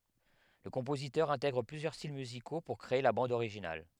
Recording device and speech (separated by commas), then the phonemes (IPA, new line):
headset microphone, read sentence
lə kɔ̃pozitœʁ ɛ̃tɛɡʁ plyzjœʁ stil myziko puʁ kʁee la bɑ̃d oʁiʒinal